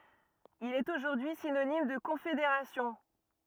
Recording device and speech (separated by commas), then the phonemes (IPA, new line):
rigid in-ear microphone, read sentence
il ɛt oʒuʁdyi sinonim də kɔ̃fedeʁasjɔ̃